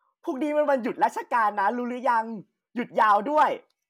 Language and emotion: Thai, happy